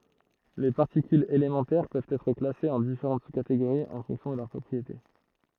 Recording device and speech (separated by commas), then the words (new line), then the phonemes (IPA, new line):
throat microphone, read sentence
Les particules élémentaires peuvent être classées en différentes sous-catégories en fonction de leurs propriétés.
le paʁtikylz elemɑ̃tɛʁ pøvt ɛtʁ klasez ɑ̃ difeʁɑ̃t su kateɡoʁiz ɑ̃ fɔ̃ksjɔ̃ də lœʁ pʁɔpʁiete